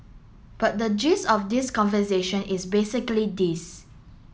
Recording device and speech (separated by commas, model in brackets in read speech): mobile phone (Samsung S8), read sentence